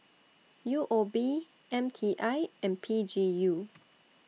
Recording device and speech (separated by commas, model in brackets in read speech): mobile phone (iPhone 6), read sentence